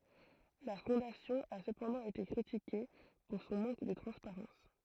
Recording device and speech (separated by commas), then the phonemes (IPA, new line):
throat microphone, read sentence
la fɔ̃dasjɔ̃ a səpɑ̃dɑ̃ ete kʁitike puʁ sɔ̃ mɑ̃k də tʁɑ̃spaʁɑ̃s